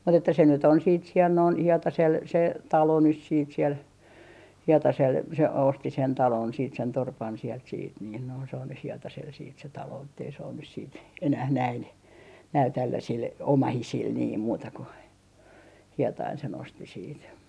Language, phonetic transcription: Finnish, mut ‿että se nyt ‿on siit siɛl noin , 'Hietasel se , "talo nys siit siel , 'Hietasel se 'osti sen 'talon siit sen 'torpan siɛlt siit niin noin se on nyh 'Hietasel siit se 'taloo ettei se on nys siit , 'enäh näin , näil tälläsil , "omahisil niim 'muuta ku , "Hietain se'n ‿osti siit .
- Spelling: mutta että se nyt on sitten siellä noin Hietasella se talo nyt sitten siellä Hietasella se osti sen talon sitten sen torpan sieltä sitten niin noin se on nyt Hietasella sitten se talo että ei se ole nyt sitten enää näin näillä tällaisilla omaisilla niin muuta kuin Hietanen sen osti siitä

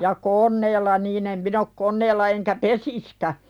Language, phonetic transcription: Finnish, ja "kon̆neella niin ‿em min ‿ok 'kon̆neella eŋkä "pesiskä .
- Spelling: ja koneella niin en minä ole koneella enkä pesisikään

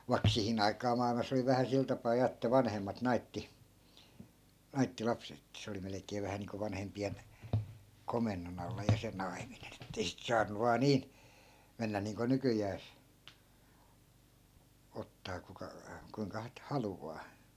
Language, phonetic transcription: Finnish, vai̮k 'sihin ‿aikaa mà₍ilma's ‿oli vähä 'sil tapaa ja että 'vanhemmat 'naitti , "naitti 'lapset ‿ettᵃ̈ 'se oli 'melᵉk̀ee 'vähä niiŋko 'vanhempi₍en , 'komennon ‿alla ja se "naiminen ‿ettei sit 'saannu 'vaa "niin , 'mennä niiŋko "nykyjääs , 'ottaa kuka , 'kuiŋka t- , 'haluvaa .
- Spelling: vaikka siihen aikaan maailmassa oli vähän sillä tapaa ja että vanhemmat naittoi naittoi lapset että se oli melkein vähän niin kuin vanhempien komennon alla ja se naiminen että ei sitten saanut vain niin mennä niin kuin nykyään ottaa kuka kuinka - haluaa

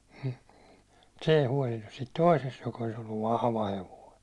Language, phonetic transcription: Finnish, hm , (mu)t se ei 'huålinnus siit "toisest joka olis ‿olluv "vahva hevoi .
- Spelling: hm mutta se ei huolinut siitä toisesta joka olisi ollut vahva hevonen

